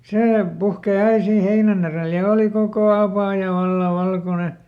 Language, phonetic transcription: Finnish, ˈsee ˈpuhkè ˈai siin̬ ˈheinän ‿erèl ja ˈooli ˈkokò "apàja ˈvalla ˈvalkone .
- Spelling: se puhkeaa aina siinä heinän edellä ja oli koko apaja vallan valkoinen

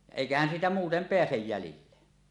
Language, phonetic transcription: Finnish, ja "èikähän siitä muutem 'peäsej 'jälille .
- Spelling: ja eiköhän siitä muuten pääse jäljille

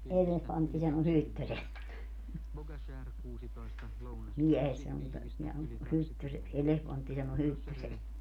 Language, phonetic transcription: Finnish, » 'elehvantti sano 'hyttöseks , 'miɛhestä » mutta , neä on , » 'hyttyseks , 'elehvantti sano 'hyttyseks » .
- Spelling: elefantti sanoi hyttyseksi miehestä mutta nämä on hyttyseksi elefantti sanoi hyttyseksi

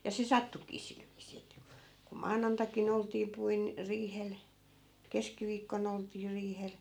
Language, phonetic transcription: Finnish, ja 'se "sattukii 'sil viis̀ii että ku , ku "maanantakin ‿olt̀ii 'puin- , 'riihel , 'keskiviikkon ‿olt̀ii 'riihel .
- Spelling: ja se sattuikin sillä viisiin että kun kun maanantaikin oltiin - riihellä keskiviikkona oltiin riihellä

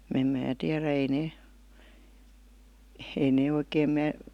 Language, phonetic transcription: Finnish, m̥ 'mää tiärä ei 'nee , ei 'nee oikeem 'mää ,.
- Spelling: en minä tiedä ei ne ei ne oikein minä

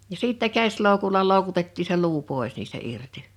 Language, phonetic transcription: Finnish, ja 'sìttä 'käs̀lòukula 'lòu̬kutettii se 'luu 'pòe̬s niistä 'irti .
- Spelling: ja sitten käsiloukulla loukutettiin se luu pois niistä irti

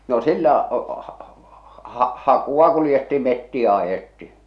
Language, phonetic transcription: Finnish, no 'sillä , h- h- ha- 'hakua kulⁱjettii 'mettiä ajetti .
- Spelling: no sillä - - - hakua kuljettiin metsiä ajettiin

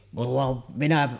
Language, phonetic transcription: Finnish, van , 'minä ,.
- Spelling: vaan minä

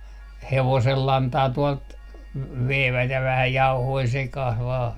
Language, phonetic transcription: Finnish, 'hevosellantaa tuɔlt , 'veivät ja 'vähä 'jauhoi "sekah vaa .
- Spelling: hevosenlantaa tuolta veivät ja vähän jauhoja sekaan vain

